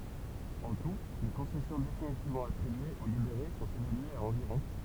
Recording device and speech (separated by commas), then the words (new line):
temple vibration pickup, read sentence
En tout, les concessions définitivement attribuées aux libérés sont évaluées à environ.